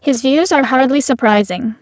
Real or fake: fake